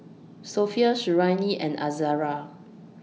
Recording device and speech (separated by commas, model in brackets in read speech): mobile phone (iPhone 6), read sentence